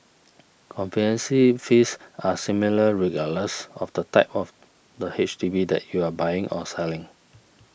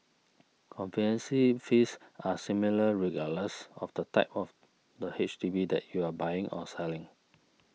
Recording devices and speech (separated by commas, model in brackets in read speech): boundary microphone (BM630), mobile phone (iPhone 6), read sentence